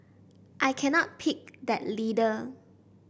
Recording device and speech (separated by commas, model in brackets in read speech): boundary microphone (BM630), read sentence